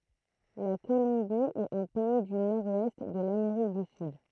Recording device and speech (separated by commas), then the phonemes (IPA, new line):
throat microphone, read sentence
la kolɔ̃bi ɛt œ̃ pɛi dy nɔʁ wɛst də lameʁik dy syd